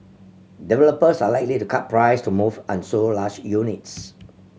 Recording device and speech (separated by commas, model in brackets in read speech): mobile phone (Samsung C7100), read sentence